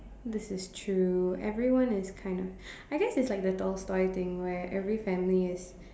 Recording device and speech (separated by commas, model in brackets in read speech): standing microphone, conversation in separate rooms